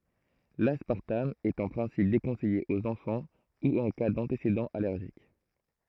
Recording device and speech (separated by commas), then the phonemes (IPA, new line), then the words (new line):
throat microphone, read sentence
laspaʁtam ɛt ɑ̃ pʁɛ̃sip dekɔ̃sɛje oz ɑ̃fɑ̃ u ɑ̃ ka dɑ̃tesedɑ̃z alɛʁʒik
L'aspartame est en principe déconseillé aux enfants ou en cas d'antécédents allergiques.